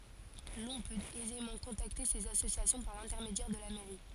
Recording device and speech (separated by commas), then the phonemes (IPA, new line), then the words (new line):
forehead accelerometer, read sentence
lɔ̃ pøt ɛzemɑ̃ kɔ̃takte sez asosjasjɔ̃ paʁ lɛ̃tɛʁmedjɛʁ də la mɛʁi
L'on peut aisément contacter ces associations par l'intermédiaire de la mairie.